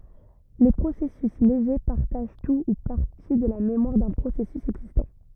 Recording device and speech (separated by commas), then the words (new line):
rigid in-ear microphone, read sentence
Les processus légers partagent tout ou partie de la mémoire d’un processus existant.